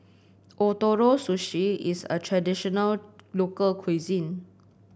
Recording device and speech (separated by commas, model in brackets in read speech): boundary microphone (BM630), read sentence